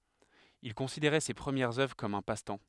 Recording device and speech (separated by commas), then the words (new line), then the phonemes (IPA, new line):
headset microphone, read sentence
Il considérait ses premières œuvres comme un passe-temps.
il kɔ̃sideʁɛ se pʁəmjɛʁz œvʁ kɔm œ̃ pastɑ̃